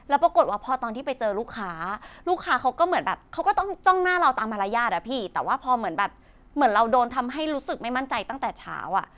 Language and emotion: Thai, frustrated